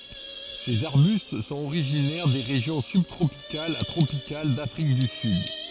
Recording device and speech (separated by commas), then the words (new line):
forehead accelerometer, read sentence
Ces arbustes sont originaires des régions sub-tropicales à tropicales d'Afrique du Sud.